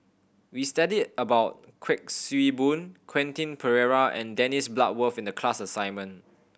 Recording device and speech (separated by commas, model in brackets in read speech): boundary microphone (BM630), read sentence